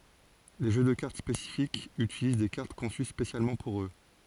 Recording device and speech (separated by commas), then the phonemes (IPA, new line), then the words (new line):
forehead accelerometer, read sentence
le ʒø də kaʁt spesifikz ytiliz de kaʁt kɔ̃sy spesjalmɑ̃ puʁ ø
Les jeux de cartes spécifiques utilisent des cartes conçues spécialement pour eux.